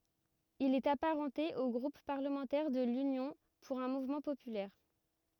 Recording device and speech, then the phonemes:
rigid in-ear microphone, read sentence
il ɛt apaʁɑ̃te o ɡʁup paʁləmɑ̃tɛʁ də lynjɔ̃ puʁ œ̃ muvmɑ̃ popylɛʁ

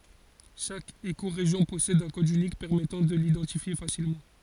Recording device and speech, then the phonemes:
forehead accelerometer, read sentence
ʃak ekoʁeʒjɔ̃ pɔsɛd œ̃ kɔd ynik pɛʁmɛtɑ̃ də lidɑ̃tifje fasilmɑ̃

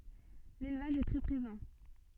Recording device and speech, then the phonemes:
soft in-ear microphone, read sentence
lelvaʒ ɛ tʁɛ pʁezɑ̃

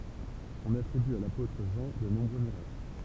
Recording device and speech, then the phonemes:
temple vibration pickup, read sentence
ɔ̃n atʁiby a lapotʁ ʒɑ̃ də nɔ̃bʁø miʁakl

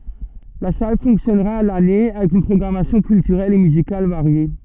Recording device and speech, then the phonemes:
soft in-ear microphone, read sentence
la sal fɔ̃ksjɔnʁa a lane avɛk yn pʁɔɡʁamasjɔ̃ kyltyʁɛl e myzikal vaʁje

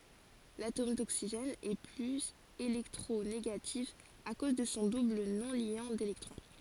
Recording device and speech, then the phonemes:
forehead accelerometer, read sentence
latom doksiʒɛn ɛ plyz elɛktʁoneɡatif a koz də sɔ̃ dubl nɔ̃ljɑ̃ delɛktʁɔ̃

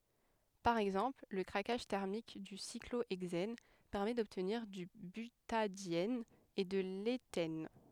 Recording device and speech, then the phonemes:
headset microphone, read sentence
paʁ ɛɡzɑ̃pl lə kʁakaʒ tɛʁmik dy sikloɛɡzɛn pɛʁmɛ dɔbtniʁ dy bytadjɛn e də letɛn

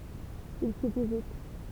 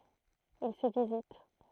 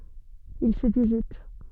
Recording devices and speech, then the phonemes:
temple vibration pickup, throat microphone, soft in-ear microphone, read sentence
il sə vizit

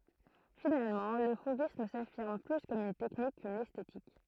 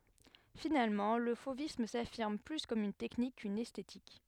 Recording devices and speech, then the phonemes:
throat microphone, headset microphone, read sentence
finalmɑ̃ lə fovism safiʁm ply kɔm yn tɛknik kyn ɛstetik

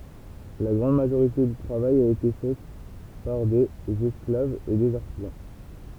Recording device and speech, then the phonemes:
temple vibration pickup, read sentence
la ɡʁɑ̃d maʒoʁite dy tʁavaj a ete fɛ paʁ dez ɛsklavz e dez aʁtizɑ̃

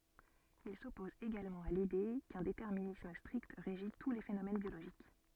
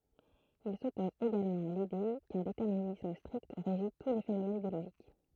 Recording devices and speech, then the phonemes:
soft in-ear microphone, throat microphone, read sentence
il sɔpɔz eɡalmɑ̃ a lide kœ̃ detɛʁminism stʁikt ʁeʒi tu le fenomɛn bjoloʒik

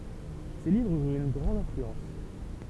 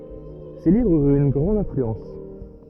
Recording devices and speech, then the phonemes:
temple vibration pickup, rigid in-ear microphone, read sentence
se livʁz yʁt yn ɡʁɑ̃d ɛ̃flyɑ̃s

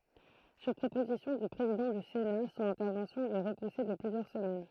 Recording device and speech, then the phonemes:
throat microphone, read sentence
syʁ pʁopozisjɔ̃ dy pʁezidɑ̃ dy sena sɔ̃n ɛ̃tɛʁvɑ̃sjɔ̃ ɛ ʁəpuse də plyzjœʁ səmɛn

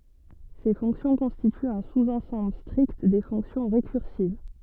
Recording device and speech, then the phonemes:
soft in-ear microphone, read sentence
se fɔ̃ksjɔ̃ kɔ̃stityt œ̃ suzɑ̃sɑ̃bl stʁikt de fɔ̃ksjɔ̃ ʁekyʁsiv

